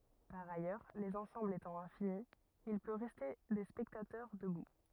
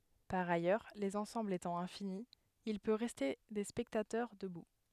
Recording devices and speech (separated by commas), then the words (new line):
rigid in-ear microphone, headset microphone, read sentence
Par ailleurs, les ensembles étant infinis, il peut rester des spectateurs debout.